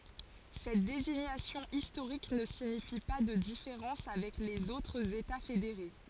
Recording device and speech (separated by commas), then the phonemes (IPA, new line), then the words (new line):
forehead accelerometer, read sentence
sɛt deziɲasjɔ̃ istoʁik nə siɲifi pa də difeʁɑ̃s avɛk lez otʁz eta fedeʁe
Cette désignation historique ne signifie pas de différences avec les autres États fédérés.